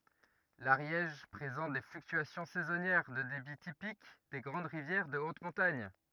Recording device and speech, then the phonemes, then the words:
rigid in-ear microphone, read sentence
laʁjɛʒ pʁezɑ̃t de flyktyasjɔ̃ sɛzɔnjɛʁ də debi tipik de ɡʁɑ̃d ʁivjɛʁ də ot mɔ̃taɲ
L'Ariège présente des fluctuations saisonnières de débit typiques des grandes rivières de haute montagne.

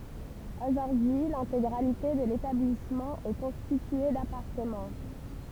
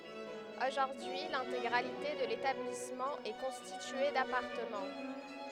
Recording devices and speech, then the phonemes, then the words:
temple vibration pickup, headset microphone, read sentence
oʒuʁdyi lɛ̃teɡʁalite də letablismɑ̃ ɛ kɔ̃stitye dapaʁtəmɑ̃
Aujourd'hui l'intégralité de l'établissement est constitué d'appartements.

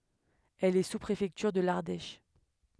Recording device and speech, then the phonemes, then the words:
headset microphone, read sentence
ɛl ɛ suspʁefɛktyʁ də laʁdɛʃ
Elle est sous-préfecture de l'Ardèche.

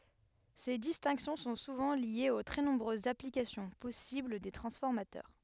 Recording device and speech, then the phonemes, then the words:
headset microphone, read sentence
se distɛ̃ksjɔ̃ sɔ̃ suvɑ̃ ljez o tʁɛ nɔ̃bʁøzz aplikasjɔ̃ pɔsibl de tʁɑ̃sfɔʁmatœʁ
Ces distinctions sont souvent liées aux très nombreuses applications possibles des transformateurs.

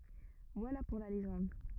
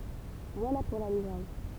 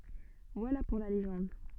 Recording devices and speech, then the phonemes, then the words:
rigid in-ear microphone, temple vibration pickup, soft in-ear microphone, read sentence
vwala puʁ la leʒɑ̃d
Voilà pour la légende...

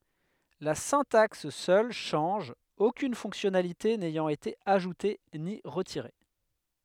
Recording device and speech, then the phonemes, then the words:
headset microphone, read sentence
la sɛ̃taks sœl ʃɑ̃ʒ okyn fɔ̃ksjɔnalite nɛjɑ̃t ete aʒute ni ʁətiʁe
La syntaxe seule change, aucune fonctionnalité n'ayant été ajoutée ni retirée.

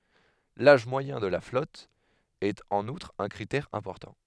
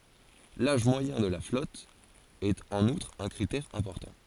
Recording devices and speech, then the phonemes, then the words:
headset microphone, forehead accelerometer, read sentence
laʒ mwajɛ̃ də la flɔt ɛt ɑ̃n utʁ œ̃ kʁitɛʁ ɛ̃pɔʁtɑ̃
L'âge moyen de la flotte est en outre un critère important.

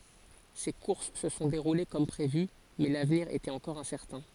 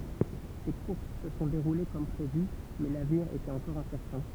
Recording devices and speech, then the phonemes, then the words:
forehead accelerometer, temple vibration pickup, read sentence
se kuʁs sə sɔ̃ deʁule kɔm pʁevy mɛ lavniʁ etɛt ɑ̃kɔʁ ɛ̃sɛʁtɛ̃
Ces courses se sont déroulées comme prévu, mais l'avenir était encore incertain.

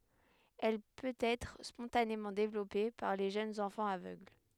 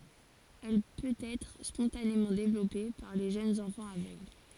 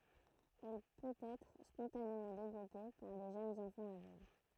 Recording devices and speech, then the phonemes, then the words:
headset microphone, forehead accelerometer, throat microphone, read sentence
ɛl pøtɛtʁ spɔ̃tanemɑ̃ devlɔpe paʁ le ʒønz ɑ̃fɑ̃z avøɡl
Elle peut-être spontanément développée par les jeunes enfants aveugle.

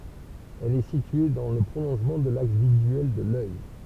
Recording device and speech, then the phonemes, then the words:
temple vibration pickup, read sentence
ɛl ɛ sitye dɑ̃ lə pʁolɔ̃ʒmɑ̃ də laks vizyɛl də lœj
Elle est située dans le prolongement de l'axe visuel de l'œil.

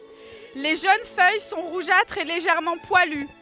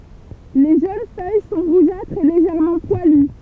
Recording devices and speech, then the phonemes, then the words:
headset microphone, temple vibration pickup, read sentence
le ʒøn fœj sɔ̃ ʁuʒatʁz e leʒɛʁmɑ̃ pwaly
Les jeunes feuilles sont rougeâtres et légèrement poilues.

